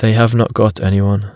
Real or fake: real